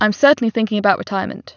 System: none